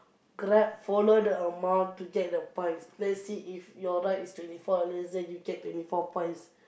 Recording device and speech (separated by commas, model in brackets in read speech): boundary microphone, conversation in the same room